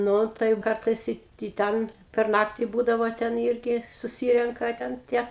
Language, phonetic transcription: Lithuanian, ˈnu tai jau ˈkartais ˈi i ˈten per ˈnakti ˈbūdavo ten ˈyrgi suˈsyrenka ten ˈtie

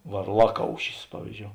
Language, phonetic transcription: Lithuanian, varˈlaˌkaušis ˈpavyzˌdžiou

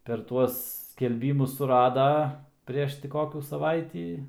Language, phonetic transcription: Lithuanian, per ˈtuos skelˈbymus suˈrada ˈprieš ti ˈkokių saˈvaitį

